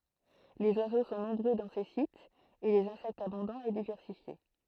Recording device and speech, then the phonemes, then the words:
throat microphone, read sentence
lez wazo sɔ̃ nɔ̃bʁø dɑ̃ se sitz e lez ɛ̃sɛktz abɔ̃dɑ̃z e divɛʁsifje
Les oiseaux sont nombreux dans ces sites et les insectes abondants et diversifiés.

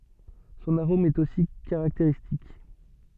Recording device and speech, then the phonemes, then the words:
soft in-ear microphone, read sentence
sɔ̃n aʁom ɛt osi kaʁakteʁistik
Son arôme est aussi caractéristique.

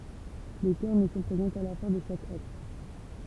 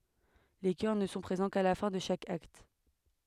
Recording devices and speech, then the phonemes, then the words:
temple vibration pickup, headset microphone, read sentence
le kœʁ nə sɔ̃ pʁezɑ̃ ka la fɛ̃ də ʃak akt
Les chœurs ne sont présents qu'à la fin de chaque acte.

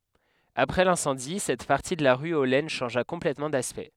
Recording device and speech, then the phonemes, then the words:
headset microphone, read sentence
apʁɛ lɛ̃sɑ̃di sɛt paʁti də la ʁy o lɛn ʃɑ̃ʒa kɔ̃plɛtmɑ̃ daspɛkt
Après l'incendie, cette partie de la rue aux Laines changea complètement d'aspect.

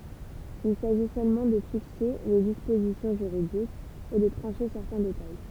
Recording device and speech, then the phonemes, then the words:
temple vibration pickup, read sentence
il saʒi sølmɑ̃ də fikse le dispozisjɔ̃ ʒyʁidikz e də tʁɑ̃ʃe sɛʁtɛ̃ detaj
Il s'agit seulement de fixer les dispositions juridiques et de trancher certains détails.

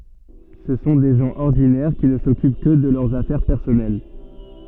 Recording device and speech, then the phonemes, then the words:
soft in-ear microphone, read sentence
sə sɔ̃ de ʒɑ̃ ɔʁdinɛʁ ki nə sɔkyp kə də lœʁz afɛʁ pɛʁsɔnɛl
Ce sont des gens ordinaires qui ne s'occupent que de leurs affaires personnelles.

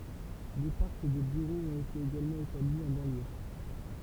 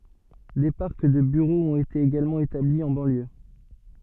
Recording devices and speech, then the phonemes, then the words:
temple vibration pickup, soft in-ear microphone, read sentence
de paʁk də byʁoz ɔ̃t ete eɡalmɑ̃ etabli ɑ̃ bɑ̃ljø
Des parcs de bureaux ont été également établis en banlieue.

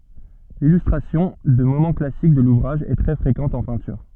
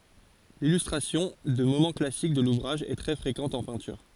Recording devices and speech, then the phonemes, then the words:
soft in-ear microphone, forehead accelerometer, read sentence
lilystʁasjɔ̃ də momɑ̃ klasik də luvʁaʒ ɛ tʁɛ fʁekɑ̃t ɑ̃ pɛ̃tyʁ
L'illustration de moments classiques de l'ouvrage est très fréquente en peinture.

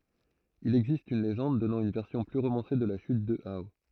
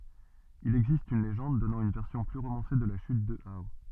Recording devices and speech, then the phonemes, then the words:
throat microphone, soft in-ear microphone, read sentence
il ɛɡzist yn leʒɑ̃d dɔnɑ̃ yn vɛʁsjɔ̃ ply ʁomɑ̃se də la ʃyt də ao
Il existe une légende donnant une version plus romancée de la chute de Hao.

